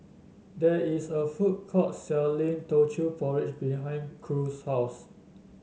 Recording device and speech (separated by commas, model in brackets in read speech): mobile phone (Samsung S8), read sentence